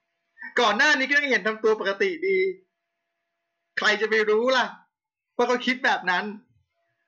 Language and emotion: Thai, angry